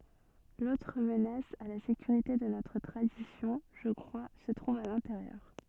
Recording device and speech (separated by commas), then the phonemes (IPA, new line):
soft in-ear microphone, read sentence
lotʁ mənas a la sekyʁite də notʁ tʁadisjɔ̃ ʒə kʁwa sə tʁuv a lɛ̃teʁjœʁ